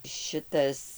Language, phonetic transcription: Lithuanian, ˈšitas

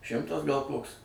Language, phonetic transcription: Lithuanian, ˈšimtas gal ˈkoks

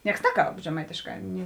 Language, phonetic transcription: Lithuanian, ˈnieks ˈneˌkalb žeˈmaitėšˌkā ni

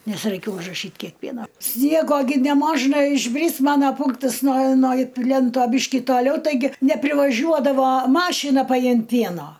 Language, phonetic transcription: Lithuanian, ˈnes raiˈkėj užraˈšyt ˈkiek ˈpieno ˈsniego gi neˈmožna išˈbris ˈmana ˈpunktas no no ˈplento ˈbyški toˈliau taiˈgi neprivaˈžiuodavo ˈmašina paˈjimt ˈpieno

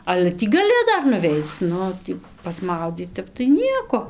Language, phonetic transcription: Lithuanian, ˈale ˈtį gaˈli ˈdar nuˈveic ˈnu ˈtį pasˈmaudyt ˈtep tai ˈnieko

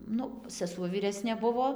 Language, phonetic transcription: Lithuanian, ˈnu seˈsuo vyˈresnė ˈbuvo

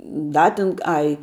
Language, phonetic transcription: Lithuanian, ˈda tin ˈai

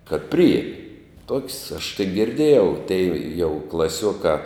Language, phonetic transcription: Lithuanian, kad ˈprijiemi tok's' aš tai girˈdėjau tei jau klaˈsiuokā

